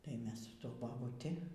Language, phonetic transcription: Lithuanian, tai ˈmes su ˈtuo babuˈti

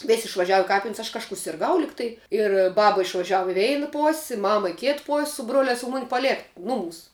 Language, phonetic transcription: Lithuanian, ˈvis' išvaˈžiavu i ˈkapin's' aš kažˈkū sirˈgau ˈligtai ir ˈbaba išvaˈžiavu i ˈveina ˈpos' i ˈmama i ˈkėt pos' su ˈbroliās u ˈmuni paˈlėk ˈnuˌmūs

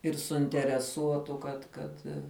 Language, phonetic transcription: Lithuanian, ir suintereˈsuotu kad ˈkad

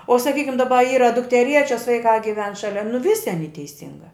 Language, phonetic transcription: Lithuanian, o saˈkykim daˈba ˈyra dukteˈriečias vaiˈkā giˈven ˈšalia nu ˈvisi aˈny teiˈsingā

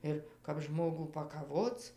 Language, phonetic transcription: Lithuanian, ˈir kap ˈžmogų pakaˈvoc

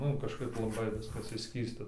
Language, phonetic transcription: Lithuanian, ˈnu kažˈkaip laˈbai ˈviskas išˈskysta

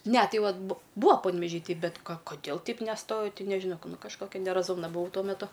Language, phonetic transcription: Lithuanian, ne ˈtai ˈvat bu ˈbua panveˈžy ˈtei ˈbet ˈka koˈdėl ˈteip neˈstojau ˈti nežiˈnau ˈnu kažˈkokia neraˈzumna buˈau ˈtuo meˈtu

